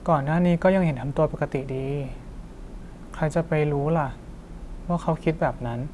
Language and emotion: Thai, sad